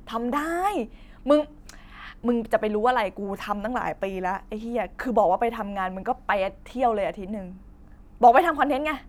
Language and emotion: Thai, happy